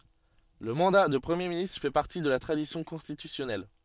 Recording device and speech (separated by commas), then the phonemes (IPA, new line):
soft in-ear microphone, read sentence
lə mɑ̃da də pʁəmje ministʁ fɛ paʁti də la tʁadisjɔ̃ kɔ̃stitysjɔnɛl